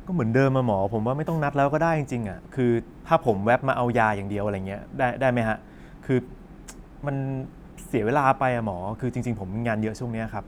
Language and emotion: Thai, frustrated